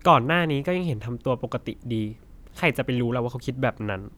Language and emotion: Thai, neutral